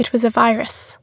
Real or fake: real